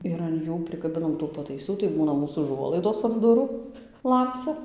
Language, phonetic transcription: Lithuanian, ir an ˈjų prikaˈbinam tų pataiˈsų tai ˈbūna ˈmūs uˈžuolaidos an ˈdurų ˈlamsia

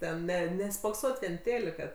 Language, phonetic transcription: Lithuanian, ˈten ˈne nespokˈsot' vien ˈtėlika

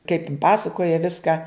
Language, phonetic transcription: Lithuanian, kaip in ˈpasakoja ˈviska

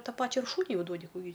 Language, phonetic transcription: Lithuanian, ˈtą ˈpačia ir ˈšūniui ˈjau ˈduodi ˈkų gi

